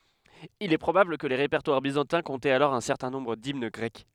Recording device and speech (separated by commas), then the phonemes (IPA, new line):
headset microphone, read sentence
il ɛ pʁobabl kə le ʁepɛʁtwaʁ bizɑ̃tɛ̃ kɔ̃tɛt alɔʁ œ̃ sɛʁtɛ̃ nɔ̃bʁ dimn ɡʁɛk